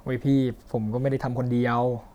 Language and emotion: Thai, frustrated